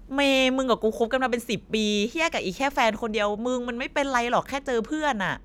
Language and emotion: Thai, frustrated